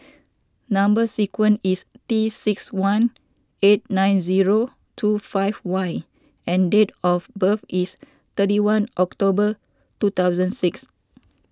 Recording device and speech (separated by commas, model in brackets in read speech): standing microphone (AKG C214), read sentence